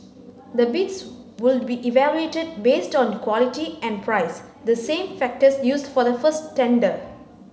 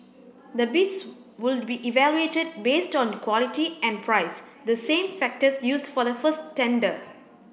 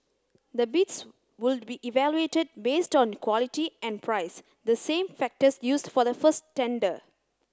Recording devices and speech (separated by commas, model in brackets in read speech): mobile phone (Samsung C9), boundary microphone (BM630), close-talking microphone (WH30), read sentence